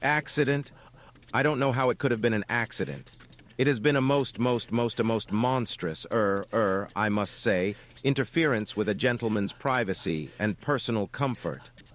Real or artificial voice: artificial